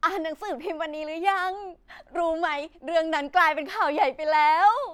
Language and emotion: Thai, happy